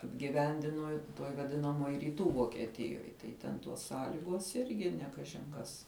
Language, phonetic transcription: Lithuanian, apgiˈvendino tuoj vaˈdinamuoj ryˈtų vokieˈtijoj tai ˈten tuos ˈsąliguos ˈirgi ne ˈkažin kas

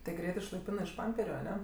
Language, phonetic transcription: Lithuanian, ti ˈgreit išlaiˈpinɜ iš ˈpamperiu aˈne

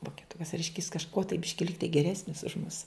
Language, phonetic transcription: Lithuanian, vokeˈtukas ˈreiškia jis kažˈkuo tai ˈbiški ˈligtai geˈresnis už mus

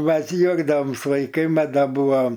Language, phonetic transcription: Lithuanian, ˈmes ˈjuokdaoms vaikai ˈmat ˈda ˈbuvom

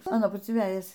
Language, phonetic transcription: Lithuanian, aˈnon ˈpusėn ˈvejas

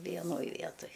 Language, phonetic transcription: Lithuanian, vieˈnoj ˈvietoj

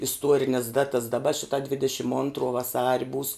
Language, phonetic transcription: Lithuanian, isˈtuorines ˈdatas daˈba ˈšita ˈdvidešim ˈontro vaˈsari būs

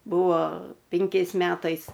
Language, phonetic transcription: Lithuanian, ˈbūvo ˈpinkiais ˈmetais

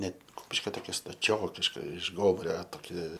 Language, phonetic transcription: Lithuanian, ˈnet ˈkupiškio toˈkia staˈčiokiška iš ˈgomuria toˈki

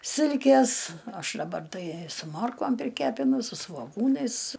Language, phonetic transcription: Lithuanian, ˈsilkės ˈaš daˈbar ˈtai su ˈmorkom priˈkepinu su svoˈgūnais

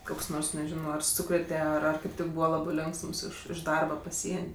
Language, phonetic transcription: Lithuanian, ˈkoks ˈnors neˈžino ar ˈsūkrėte ˈar ar kaip ˈtik ˈbūva ˈlabɜ ˈlionksms ˈiš ˈdarba paˈsien'

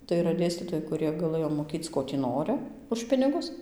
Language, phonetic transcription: Lithuanian, tai yˈra ˈdėstytojai kuˈrie gaˈlɘjo moˈkyc ˈko tį ˈnorɨ už ˈpinigus

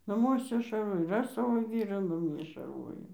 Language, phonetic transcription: Lithuanian, naˈmuose šarˈvoj ir ˈaš ˈsavo ˈvyrą naˈmie šarˈvojau

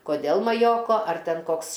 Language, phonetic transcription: Lithuanian, koˈdėl maˈjoko ar ˈten ˈkoks

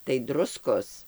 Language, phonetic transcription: Lithuanian, tai ˈdruskos

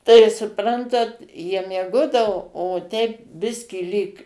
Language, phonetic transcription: Lithuanian, tai suˈprantat jie mieˈgodavo o teip ˈbiskį lyg

